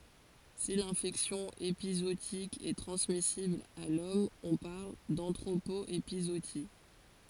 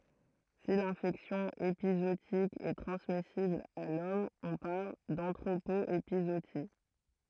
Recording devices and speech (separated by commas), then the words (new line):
forehead accelerometer, throat microphone, read sentence
Si l'infection épizootique est transmissible à l'homme on parle d'anthropo-épizootie.